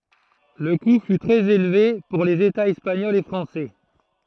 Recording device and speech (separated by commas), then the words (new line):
throat microphone, read sentence
Le coût fut très élevé pour les Etats espagnols et français.